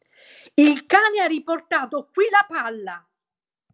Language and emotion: Italian, angry